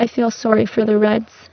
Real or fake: fake